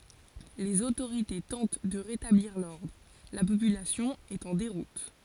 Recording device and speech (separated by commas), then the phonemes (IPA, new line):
forehead accelerometer, read sentence
lez otoʁite tɑ̃t də ʁetabliʁ lɔʁdʁ la popylasjɔ̃ ɛt ɑ̃ deʁut